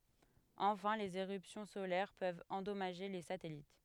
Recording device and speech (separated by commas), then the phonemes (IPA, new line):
headset microphone, read sentence
ɑ̃fɛ̃ lez eʁypsjɔ̃ solɛʁ pøvt ɑ̃dɔmaʒe le satɛlit